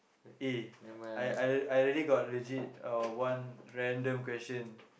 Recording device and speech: boundary microphone, conversation in the same room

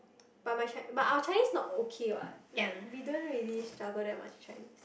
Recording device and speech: boundary microphone, conversation in the same room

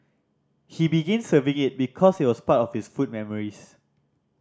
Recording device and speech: standing microphone (AKG C214), read sentence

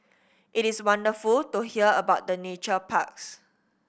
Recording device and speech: boundary microphone (BM630), read sentence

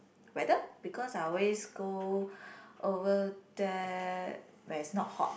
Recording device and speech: boundary microphone, conversation in the same room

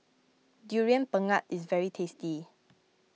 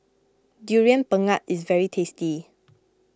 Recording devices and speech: mobile phone (iPhone 6), close-talking microphone (WH20), read sentence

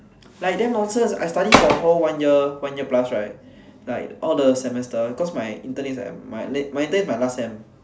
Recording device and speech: standing microphone, conversation in separate rooms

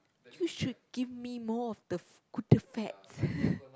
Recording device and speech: close-talking microphone, conversation in the same room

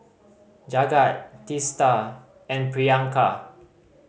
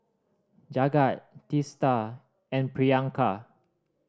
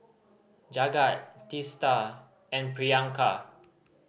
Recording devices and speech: mobile phone (Samsung C5010), standing microphone (AKG C214), boundary microphone (BM630), read sentence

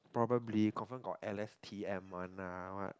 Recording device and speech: close-talking microphone, conversation in the same room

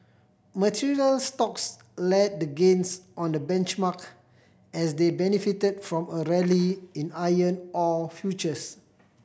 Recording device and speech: boundary microphone (BM630), read sentence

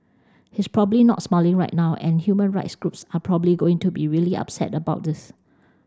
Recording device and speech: standing microphone (AKG C214), read sentence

